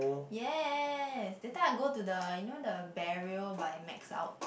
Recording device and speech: boundary microphone, conversation in the same room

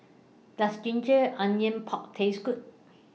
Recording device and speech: mobile phone (iPhone 6), read sentence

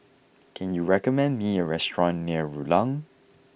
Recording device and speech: boundary microphone (BM630), read sentence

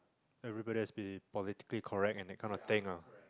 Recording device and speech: close-talking microphone, conversation in the same room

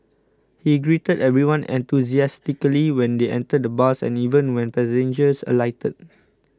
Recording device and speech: close-talking microphone (WH20), read sentence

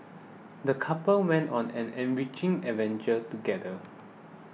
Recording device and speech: mobile phone (iPhone 6), read sentence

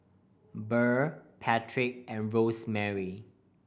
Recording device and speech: boundary microphone (BM630), read sentence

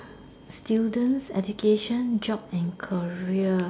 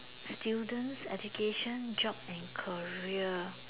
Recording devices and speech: standing microphone, telephone, conversation in separate rooms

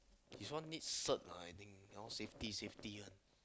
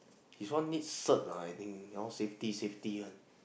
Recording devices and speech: close-talking microphone, boundary microphone, conversation in the same room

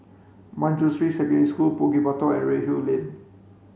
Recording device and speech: mobile phone (Samsung C5), read sentence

